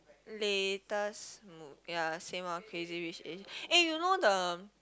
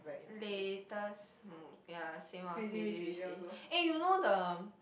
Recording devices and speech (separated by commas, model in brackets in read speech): close-talking microphone, boundary microphone, conversation in the same room